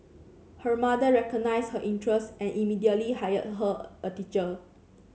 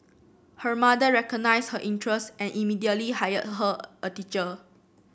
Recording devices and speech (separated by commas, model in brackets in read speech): mobile phone (Samsung C7), boundary microphone (BM630), read sentence